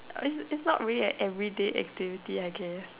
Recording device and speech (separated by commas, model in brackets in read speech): telephone, conversation in separate rooms